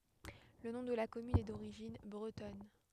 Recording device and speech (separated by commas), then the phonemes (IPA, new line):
headset microphone, read sentence
lə nɔ̃ də la kɔmyn ɛ doʁiʒin bʁətɔn